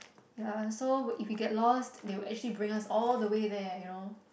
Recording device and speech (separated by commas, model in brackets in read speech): boundary microphone, conversation in the same room